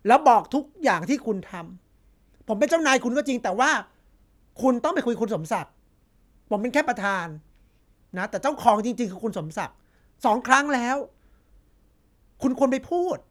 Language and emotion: Thai, frustrated